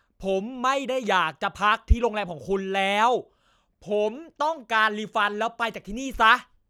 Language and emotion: Thai, angry